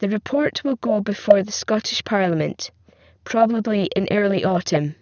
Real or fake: fake